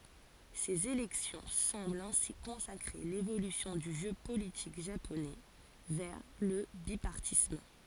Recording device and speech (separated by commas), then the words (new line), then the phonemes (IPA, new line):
forehead accelerometer, read sentence
Ces élections semblent ainsi consacrer l'évolution du jeu politique japonais vers le bipartisme.
sez elɛksjɔ̃ sɑ̃blt ɛ̃si kɔ̃sakʁe levolysjɔ̃ dy ʒø politik ʒaponɛ vɛʁ lə bipaʁtism